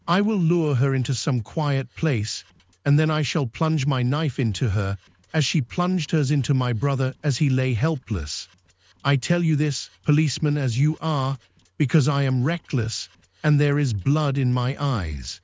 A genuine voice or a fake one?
fake